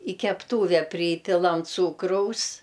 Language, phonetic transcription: Lithuanian, i kepˈtūve ˈprypilam ˈcūkraus

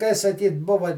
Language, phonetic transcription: Lithuanian, kai saˈkyt ˈbuva

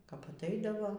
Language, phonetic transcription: Lithuanian, kap atˈaidavo

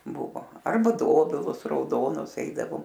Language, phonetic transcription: Lithuanian, ˈbuvo ˈarba ˈdobilus rauˈdonus ˈeidavom

